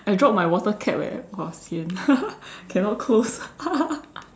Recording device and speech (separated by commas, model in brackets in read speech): standing microphone, conversation in separate rooms